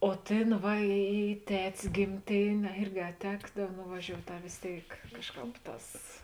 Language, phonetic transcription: Lithuanian, o ˈtėn ˈva į į ˈtet's gimˈtėnė a ˈirgi a ˈtekdav nuvaˈžiout' a vės ˈtėik ˈkažˌkāp ˈtās

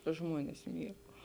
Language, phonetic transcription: Lithuanian, ˈžmuones ˈmiegau

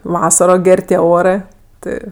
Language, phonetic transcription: Lithuanian, ˈvasaro ˈger' tie ˈorɜ ˈtɜ

